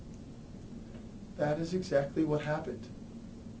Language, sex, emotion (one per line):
English
male
neutral